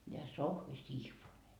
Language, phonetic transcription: Finnish, ja 'Sohvi "Sihvone .
- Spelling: ja Sohvi Sihvonen

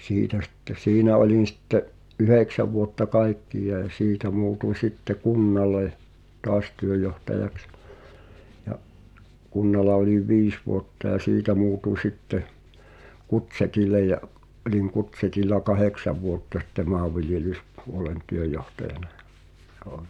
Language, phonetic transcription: Finnish, siitä sɪttᴇ , "siinä oĺin̬ sitte’ , "’yhèksä vuotta "kaikkiʲ(aa) ʲa 'siitä muutuń̬ 'sitte "kunnale , "toas 'työjohtajaks , ja’ , 'kunnala oĺiv̆ "viis vuotta ʲa "siitä muutuń̬ 'sitte , "Kutseti(l̆l)e ja’ , ’oliŋ 'Kutsetil̆la "kaheksa vuotta sitte "ma̳a̳vviljelyspuolen 'työjohtajanᴀ ᴊᴀ , ’[j]oo .
- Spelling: siitä sitten siinä olin sitten yhdeksän vuotta kaikkiaan ja siitä muutuin sitten kunnalle taas työjohtajaksi ja kunnalla olin viisi vuotta ja siitä muutin sitten Kutsetille ja olin Kutsetilla kahdeksan vuotta sitten maanviljelyspuolen työjohtajana ja joo

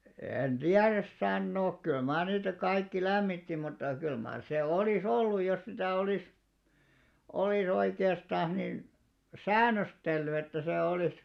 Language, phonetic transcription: Finnish, en "ᴅiäräs 'sannook 'kyl maar niitä 'kaikki "lämmitti mutta kyl maar se 'olì"s ‿olluj jos 'sitä̀ 'olìs , 'olì's ‿oike₍astàn̬s nin , "sään̆nöstelly että se 'olìs ,.
- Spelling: en tiedä sanoa kyllä mar niitä kaikki lämmitti mutta kyllä mar se olisi ollut jos sitä olisi olisi oikeastaan niin säännöstellyt että se olisi

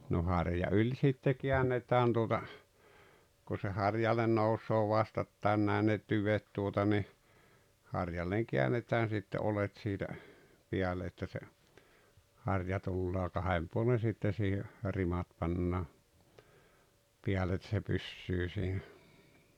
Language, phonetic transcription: Finnish, no 'harja ’yĺ sitte 'kiännet̀ään tuota , ku se "harjalen 'nous̀oo "vastattàen 'nä̀i ne "tyvet tuota ni , harjalleŋ 'kiännetään̬ sitte 'olet siitä , 'piäle että se , ’harja tulloo 'kahem puolen̬ sitte siihe , 'rimat pannaa , 'piäle et se 'pyssyy siinä .
- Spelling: no harja yli sitten käännetään tuota kun se harjalle nousee vastakkain näin ne tyvet tuota niin harjalle käännetään sitten oljet siitä päälle että se harja tulee kahden puolen sitten siihen rimat pannaan päälle että se pysyy siinä

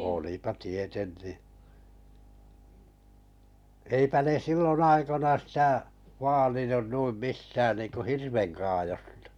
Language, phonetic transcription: Finnish, olipa 'tietenn̳i eipä ne 'sillon 'aikona sitä , 'vaalinun 'nuim 'mistään niiŋku "hirveŋkaajostᴀ .
- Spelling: olipa tietenkin eipä ne silloin aikoina sitä vaalinut noin mistään niin kuin hirvenkaadosta

